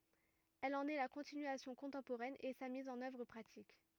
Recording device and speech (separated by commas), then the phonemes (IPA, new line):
rigid in-ear microphone, read sentence
ɛl ɑ̃n ɛ la kɔ̃tinyasjɔ̃ kɔ̃tɑ̃poʁɛn e sa miz ɑ̃n œvʁ pʁatik